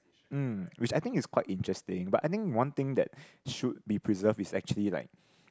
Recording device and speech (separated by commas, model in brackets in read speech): close-talking microphone, conversation in the same room